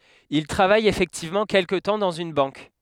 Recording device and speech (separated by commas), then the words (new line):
headset microphone, read sentence
Il travaille effectivement quelque temps dans une banque.